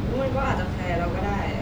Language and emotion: Thai, neutral